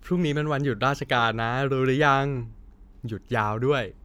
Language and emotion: Thai, happy